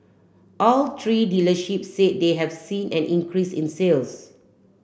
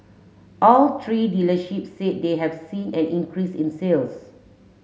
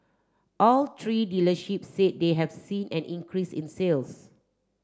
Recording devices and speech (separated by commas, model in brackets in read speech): boundary microphone (BM630), mobile phone (Samsung S8), standing microphone (AKG C214), read sentence